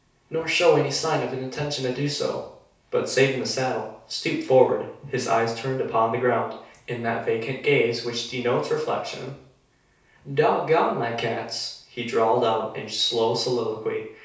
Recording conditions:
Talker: one person; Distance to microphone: 3.0 m; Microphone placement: far; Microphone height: 1.8 m; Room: small (3.7 m by 2.7 m); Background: none

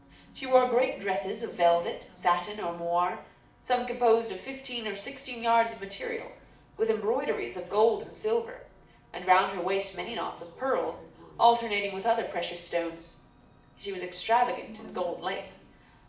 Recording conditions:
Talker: one person; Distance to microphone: 2.0 m; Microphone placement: close; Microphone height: 99 cm; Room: medium-sized (5.7 m by 4.0 m); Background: television

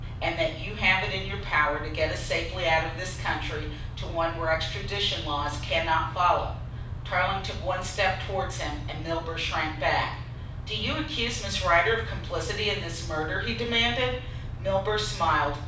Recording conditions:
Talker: one person; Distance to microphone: 5.8 m; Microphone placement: far; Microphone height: 1.8 m; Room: medium-sized (5.7 m by 4.0 m); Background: none

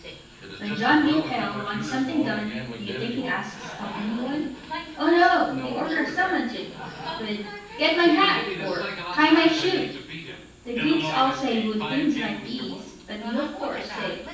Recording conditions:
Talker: one person; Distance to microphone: 9.8 m; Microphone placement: far; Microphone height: 1.8 m; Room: large; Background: television

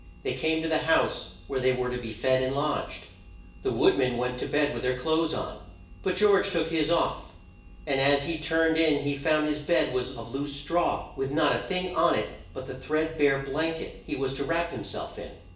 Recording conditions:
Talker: one person; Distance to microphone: 1.8 m; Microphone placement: close; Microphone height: 1.0 m; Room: large; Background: none

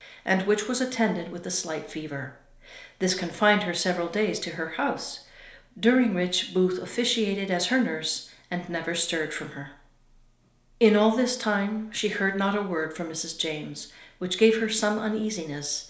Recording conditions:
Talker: one person; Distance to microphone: 1.0 m; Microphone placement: close; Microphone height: 1.1 m; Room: small (3.7 m by 2.7 m); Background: none

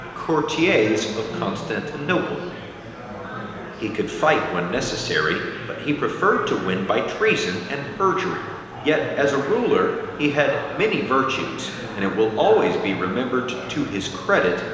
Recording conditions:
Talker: one person; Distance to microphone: 1.7 m; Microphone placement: close; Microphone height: 1.0 m; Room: very reverberant, large; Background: babble

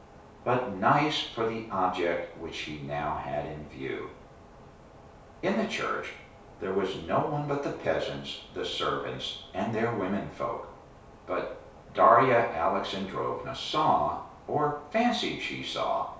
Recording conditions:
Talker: one person; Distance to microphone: 3.0 m; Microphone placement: far; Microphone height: 1.8 m; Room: small (3.7 m by 2.7 m); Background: none

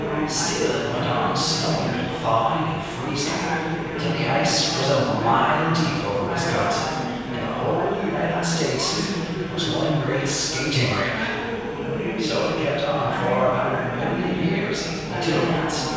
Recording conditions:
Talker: one person; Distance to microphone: 7.1 m; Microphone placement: far; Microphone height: 1.7 m; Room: very reverberant, large; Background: babble

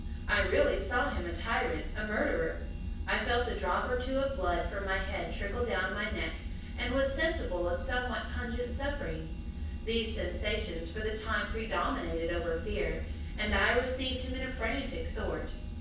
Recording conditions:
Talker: one person; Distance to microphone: 9.8 m; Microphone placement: far; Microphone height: 1.8 m; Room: large; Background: none

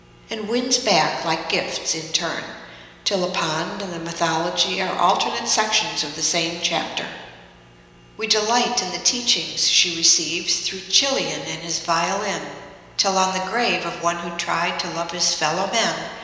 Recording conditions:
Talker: one person; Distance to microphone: 1.7 m; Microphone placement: close; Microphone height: 1.0 m; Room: very reverberant, large; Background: none

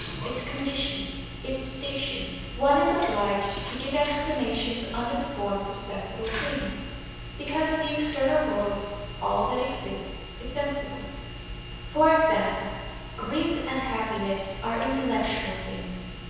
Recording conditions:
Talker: one person; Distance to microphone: 7.1 m; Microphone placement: far; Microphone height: 1.7 m; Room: very reverberant, large; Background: television

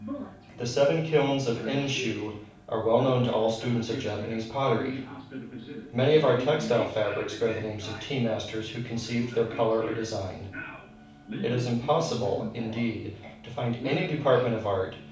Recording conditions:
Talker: one person; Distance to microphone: 5.8 m; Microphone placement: far; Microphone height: 1.8 m; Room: medium-sized (5.7 m by 4.0 m); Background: television

